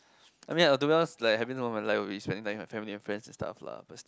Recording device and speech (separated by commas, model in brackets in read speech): close-talking microphone, conversation in the same room